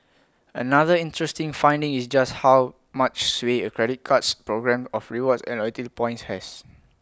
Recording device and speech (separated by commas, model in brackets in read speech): close-talking microphone (WH20), read sentence